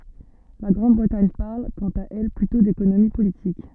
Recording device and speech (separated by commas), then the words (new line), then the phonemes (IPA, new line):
soft in-ear microphone, read sentence
La Grande-Bretagne parle, quant à elle, plutôt d’économie politique.
la ɡʁɑ̃dbʁətaɲ paʁl kɑ̃t a ɛl plytɔ̃ dekonomi politik